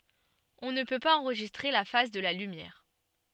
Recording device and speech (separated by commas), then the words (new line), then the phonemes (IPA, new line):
soft in-ear microphone, read sentence
On ne peut pas enregistrer la phase de la lumière.
ɔ̃ nə pø paz ɑ̃ʁʒistʁe la faz də la lymjɛʁ